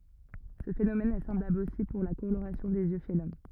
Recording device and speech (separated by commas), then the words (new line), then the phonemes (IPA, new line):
rigid in-ear microphone, read sentence
Ce phénomène est semblable aussi pour la coloration des yeux chez l'homme.
sə fenomɛn ɛ sɑ̃blabl osi puʁ la koloʁasjɔ̃ dez jø ʃe lɔm